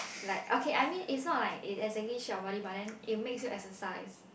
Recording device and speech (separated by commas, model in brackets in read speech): boundary microphone, conversation in the same room